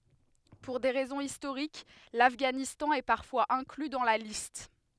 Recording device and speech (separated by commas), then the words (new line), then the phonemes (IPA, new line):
headset microphone, read sentence
Pour des raisons historiques, l'Afghanistan est parfois inclus dans la liste.
puʁ de ʁɛzɔ̃z istoʁik lafɡanistɑ̃ ɛ paʁfwaz ɛ̃kly dɑ̃ la list